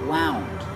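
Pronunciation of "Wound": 'Wound' is said with the ow sound, as in 'out' and 'about'.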